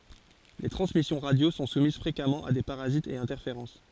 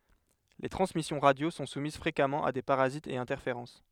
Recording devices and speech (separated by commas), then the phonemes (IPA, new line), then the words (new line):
forehead accelerometer, headset microphone, read sentence
le tʁɑ̃smisjɔ̃ ʁadjo sɔ̃ sumiz fʁekamɑ̃ a de paʁazitz e ɛ̃tɛʁfeʁɑ̃s
Les transmissions radio sont soumises fréquemment à des parasites et interférences.